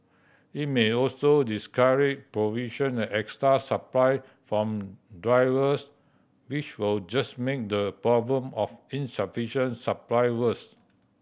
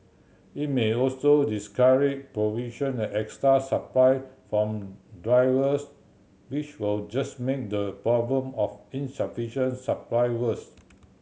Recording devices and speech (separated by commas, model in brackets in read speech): boundary microphone (BM630), mobile phone (Samsung C7100), read sentence